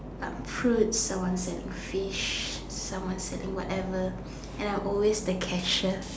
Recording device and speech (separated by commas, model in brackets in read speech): standing microphone, conversation in separate rooms